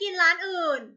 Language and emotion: Thai, frustrated